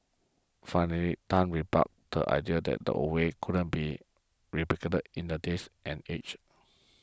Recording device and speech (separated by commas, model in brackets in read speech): close-talking microphone (WH20), read sentence